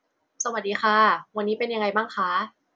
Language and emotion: Thai, neutral